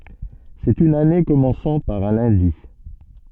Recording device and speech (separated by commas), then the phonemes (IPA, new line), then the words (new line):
soft in-ear microphone, read sentence
sɛt yn ane kɔmɑ̃sɑ̃ paʁ œ̃ lœ̃di
C'est une année commençant par un lundi.